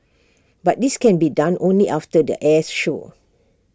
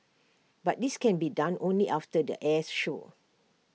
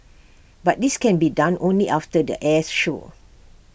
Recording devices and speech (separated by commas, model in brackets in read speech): standing microphone (AKG C214), mobile phone (iPhone 6), boundary microphone (BM630), read sentence